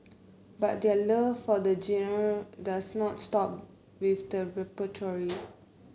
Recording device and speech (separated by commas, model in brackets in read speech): mobile phone (Samsung C9), read sentence